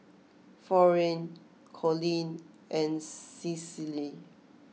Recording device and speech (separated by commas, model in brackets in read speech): mobile phone (iPhone 6), read sentence